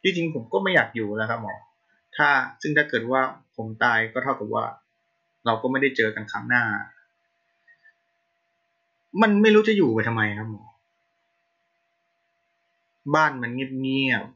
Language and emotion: Thai, frustrated